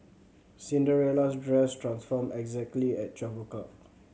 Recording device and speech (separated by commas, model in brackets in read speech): mobile phone (Samsung C7100), read sentence